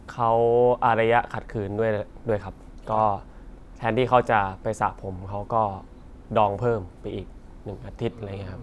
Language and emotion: Thai, neutral